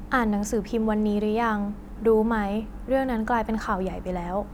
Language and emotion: Thai, neutral